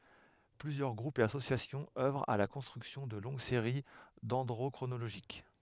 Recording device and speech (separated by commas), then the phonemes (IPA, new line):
headset microphone, read sentence
plyzjœʁ ɡʁupz e asosjasjɔ̃z œvʁt a la kɔ̃stʁyksjɔ̃ də lɔ̃ɡ seʁi dɛ̃dʁokʁonoloʒik